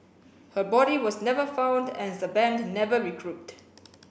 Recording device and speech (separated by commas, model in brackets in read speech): boundary microphone (BM630), read sentence